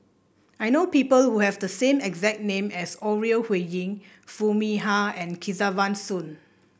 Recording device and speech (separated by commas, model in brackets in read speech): boundary microphone (BM630), read sentence